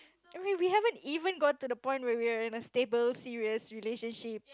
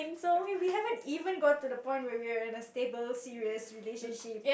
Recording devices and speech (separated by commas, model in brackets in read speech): close-talking microphone, boundary microphone, conversation in the same room